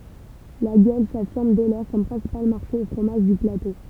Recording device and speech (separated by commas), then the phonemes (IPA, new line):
temple vibration pickup, read sentence
laɡjɔl safiʁm dɛ lɔʁ kɔm pʁɛ̃sipal maʁʃe o fʁomaʒ dy plato